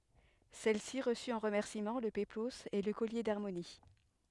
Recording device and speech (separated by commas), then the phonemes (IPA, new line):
headset microphone, read sentence
sɛlsi ʁəsy ɑ̃ ʁəmɛʁsimɑ̃ lə peploz e lə kɔlje daʁmoni